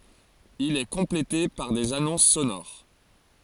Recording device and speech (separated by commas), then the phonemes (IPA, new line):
forehead accelerometer, read sentence
il ɛ kɔ̃plete paʁ dez anɔ̃s sonoʁ